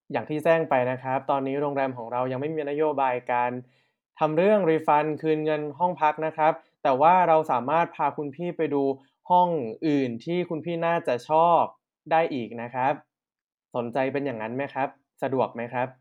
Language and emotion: Thai, neutral